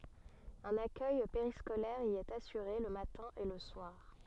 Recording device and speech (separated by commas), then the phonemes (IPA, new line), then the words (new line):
soft in-ear microphone, read sentence
œ̃n akœj peʁiskolɛʁ i ɛt asyʁe lə matɛ̃ e lə swaʁ
Un accueil périscolaire y est assuré le matin et le soir.